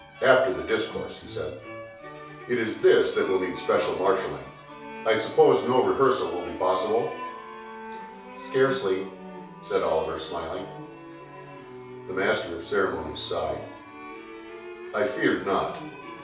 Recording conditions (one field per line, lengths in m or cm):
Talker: one person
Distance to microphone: 3.0 m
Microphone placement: far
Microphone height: 1.8 m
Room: small (3.7 m by 2.7 m)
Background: music